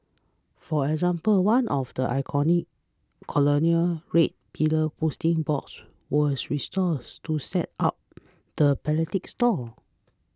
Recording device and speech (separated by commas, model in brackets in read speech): close-talking microphone (WH20), read sentence